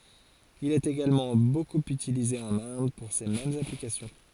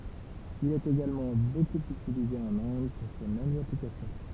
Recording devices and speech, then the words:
forehead accelerometer, temple vibration pickup, read sentence
Il est également beaucoup utilisé en Inde pour ces mêmes applications.

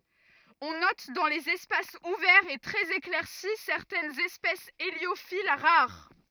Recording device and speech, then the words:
rigid in-ear microphone, read sentence
On note dans les espaces ouverts et très éclaircis certaines espèces héliophiles, rares.

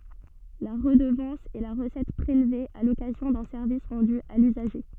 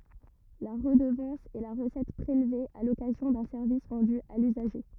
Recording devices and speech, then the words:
soft in-ear microphone, rigid in-ear microphone, read sentence
La redevance est la recette prélevée à l’occasion d’un service rendu à l’usager.

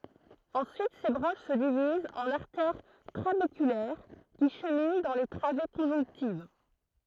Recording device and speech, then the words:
throat microphone, read sentence
Ensuite ces branches se divisent en artères trabéculaires qui cheminent dans les travées conjonctives.

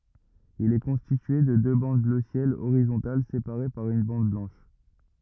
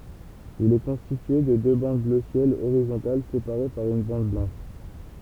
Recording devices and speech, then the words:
rigid in-ear microphone, temple vibration pickup, read sentence
Il est constitué de deux bandes bleu ciel horizontales séparées par une bande blanche.

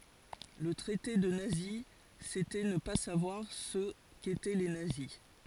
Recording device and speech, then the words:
forehead accelerometer, read sentence
Le traiter de nazi, c'était ne pas savoir ce qu'étaient les nazis.

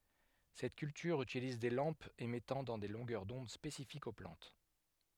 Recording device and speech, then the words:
headset microphone, read sentence
Cette culture utilise des lampes émettant dans des longueurs d'onde spécifiques aux plantes.

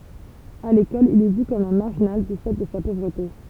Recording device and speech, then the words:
temple vibration pickup, read sentence
À l'école, il est vu comme un marginal du fait de sa pauvreté.

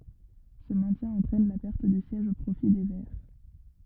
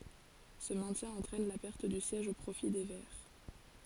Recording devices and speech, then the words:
rigid in-ear microphone, forehead accelerometer, read sentence
Ce maintien entraîne la perte du siège au profit des verts.

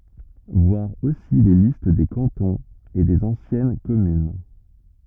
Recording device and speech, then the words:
rigid in-ear microphone, read sentence
Voir aussi les listes des cantons et des anciennes communes.

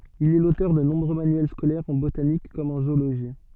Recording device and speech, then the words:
soft in-ear microphone, read sentence
Il est l'auteur de nombreux manuels scolaires en botanique comme en zoologie.

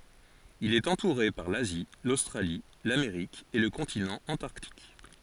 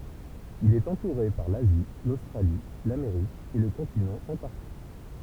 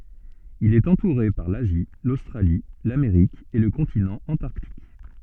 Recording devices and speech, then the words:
forehead accelerometer, temple vibration pickup, soft in-ear microphone, read sentence
Il est entouré par l'Asie, l'Australie, l'Amérique et le continent Antarctique.

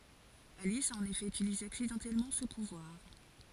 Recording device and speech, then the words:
forehead accelerometer, read sentence
Alice a en effet utilisé accidentellement ce pouvoir.

